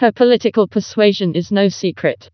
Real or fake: fake